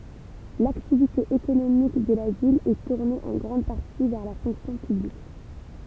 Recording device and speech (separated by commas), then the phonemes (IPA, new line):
temple vibration pickup, read sentence
laktivite ekonomik də la vil ɛ tuʁne ɑ̃ ɡʁɑ̃d paʁti vɛʁ la fɔ̃ksjɔ̃ pyblik